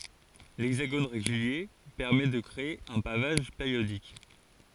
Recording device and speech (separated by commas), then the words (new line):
forehead accelerometer, read sentence
L'hexagone régulier permet de créer un pavage périodique.